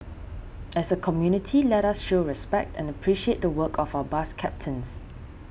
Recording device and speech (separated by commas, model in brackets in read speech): boundary microphone (BM630), read sentence